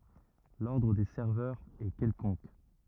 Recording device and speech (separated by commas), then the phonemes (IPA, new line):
rigid in-ear microphone, read sentence
lɔʁdʁ de sɛʁvœʁz ɛ kɛlkɔ̃k